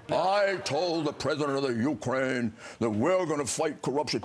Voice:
deep voice